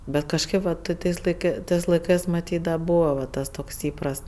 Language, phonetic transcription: Lithuanian, bet kažˈkɜp va ˈtɜ tais laiˈkɜ ˈtɜs laiˈkɜs maˈtyt da ˈbūva va ˈtas ˈtoks ˈįprast

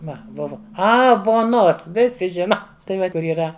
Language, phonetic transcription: Lithuanian, ˈva ˈbuva ˈa vuoˈnos ˈvisi ˈžina tai ˈva kur yˈra

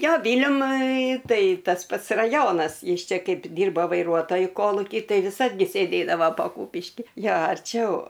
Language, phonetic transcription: Lithuanian, ˈjo ˈvyliamui ˈtai tas ˈpats raˈjonas ˈjis ˈčia ˈkaip ˈdyrbo vaiˈruotoju ˈkoluky ˈtai viˈsad gi sėˈdėdava pa ˈkupiškį ˈjo arˈčiau

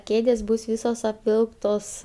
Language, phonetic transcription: Lithuanian, ˈkėdės bus ˈvysos apˈvilktos

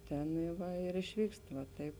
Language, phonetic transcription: Lithuanian, ˈtenai ˈva ir išˈvykst va ˈtaip

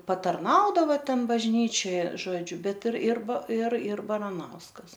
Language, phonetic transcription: Lithuanian, patarˈnaudava ˈten bažˈnyčioj ˈžodžiu ˈbet ir ir ir ir baraˈnauskas

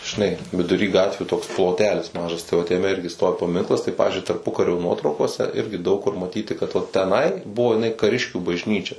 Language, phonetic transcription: Lithuanian, žiˈnai viduˈry ˈgatvių toks ploˈtelis ˈmažas tai vat jaˈme ˈirgi ˈstovi paˈminklas tai ˈpavizdžiui tarˈpukario ˈnuotraukose ˈirgi daug kur maˈtyti kad vat teˈnai ˈbuvo jiˈnai kaˈriškių bažˈnyčia

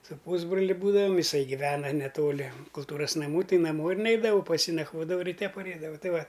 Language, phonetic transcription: Lithuanian, su ˈpūsbroli ˈbūdavam jiˈsai giˈvena neˈtoli kulˈtūras naˈmų ˈtai naˈmo ir ˈneidavau pas ˈjį nakˈvodavau riˈte paˈreidavau ˈtai ˈva

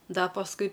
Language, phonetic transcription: Lithuanian, ˈda pasˈkui

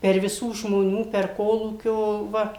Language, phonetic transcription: Lithuanian, per viˈsų žmoˈnių per ˈkolūkio ˈva

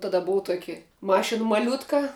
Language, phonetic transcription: Lithuanian, taˈda ˈbuu ˈtuoki ˈmašin maˈliutka

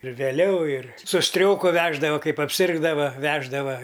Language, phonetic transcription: Lithuanian, ir vėˈliau ir su ˈstrioku ˈveždava ˈkaip apˈsirgdava ˈveždava

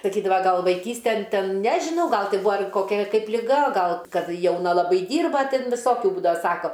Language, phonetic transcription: Lithuanian, saˈkydava ˈgal vaiˈkysten ˈten ˈnežinau ˈgal ˈti ˈbua ar koˈkia ˈkaip liˈga ˈgal ˈkad jauˈna laˈbai ˈdyrba ˈtin viˈsokiu ˈbūdava ˈsako

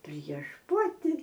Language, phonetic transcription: Lithuanian, prieš ˈpati

